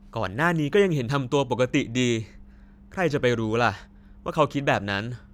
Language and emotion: Thai, neutral